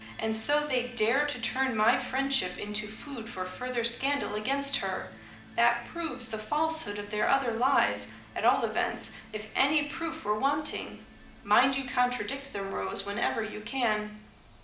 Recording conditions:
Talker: one person; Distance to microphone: 2.0 m; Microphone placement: close; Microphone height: 99 cm; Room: medium-sized (5.7 m by 4.0 m); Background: music

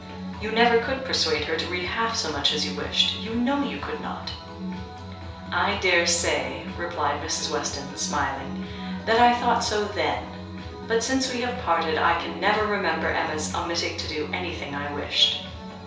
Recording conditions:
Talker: one person; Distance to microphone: 3.0 m; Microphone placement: far; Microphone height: 1.8 m; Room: small (3.7 m by 2.7 m); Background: music

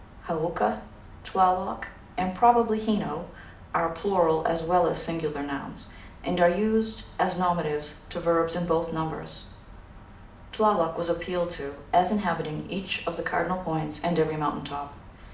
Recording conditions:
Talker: one person; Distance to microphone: 2.0 m; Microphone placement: close; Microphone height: 99 cm; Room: medium-sized (5.7 m by 4.0 m); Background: none

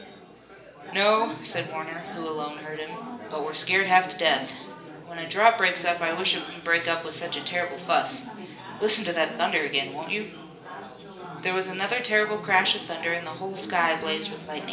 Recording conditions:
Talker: one person; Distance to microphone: 1.8 m; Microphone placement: close; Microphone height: 1.0 m; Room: large; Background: babble

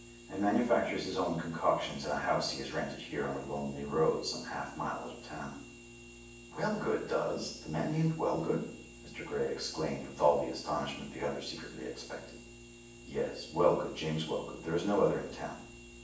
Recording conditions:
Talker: one person; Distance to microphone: 9.8 m; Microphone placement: far; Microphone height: 1.8 m; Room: large; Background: none

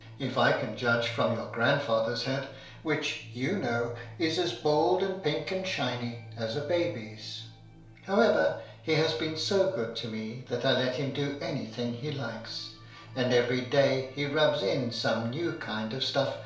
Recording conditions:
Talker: one person; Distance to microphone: 1.0 m; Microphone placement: close; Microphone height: 1.1 m; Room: small (3.7 m by 2.7 m); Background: music

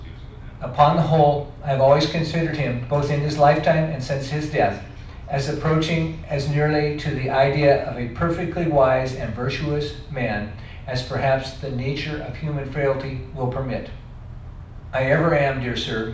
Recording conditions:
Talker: one person; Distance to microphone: 5.8 m; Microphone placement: far; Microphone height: 1.8 m; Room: medium-sized (5.7 m by 4.0 m); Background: television

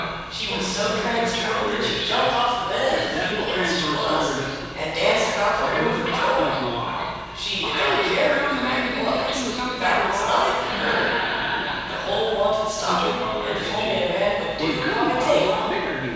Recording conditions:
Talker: one person; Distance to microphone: 7.1 m; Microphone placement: far; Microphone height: 1.7 m; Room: very reverberant, large; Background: television

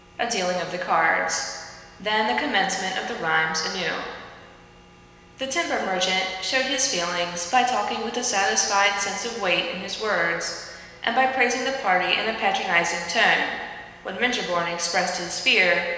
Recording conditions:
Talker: one person; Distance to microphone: 1.7 m; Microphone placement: close; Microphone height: 1.0 m; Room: very reverberant, large; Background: none

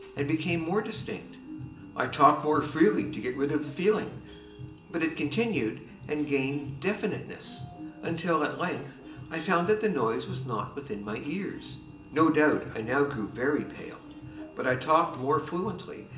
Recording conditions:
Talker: one person; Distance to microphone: 1.8 m; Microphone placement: close; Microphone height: 1.0 m; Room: large; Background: music

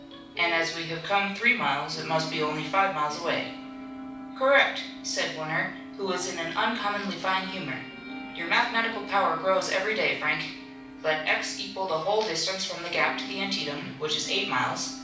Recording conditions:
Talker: one person; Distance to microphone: 5.8 m; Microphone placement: far; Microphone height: 1.8 m; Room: medium-sized (5.7 m by 4.0 m); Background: television

